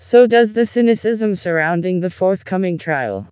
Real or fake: fake